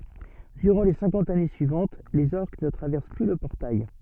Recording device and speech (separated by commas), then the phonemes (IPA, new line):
soft in-ear microphone, read sentence
dyʁɑ̃ le sɛ̃kɑ̃t ane syivɑ̃t lez ɔʁk nə tʁavɛʁs ply lə pɔʁtaj